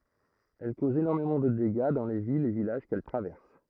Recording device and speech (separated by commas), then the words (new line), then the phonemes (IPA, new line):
throat microphone, read sentence
Elles causent énormément de dégâts dans les villes et villages qu'elle traverse.
ɛl kozt enɔʁmemɑ̃ də deɡa dɑ̃ le vilz e vilaʒ kɛl tʁavɛʁs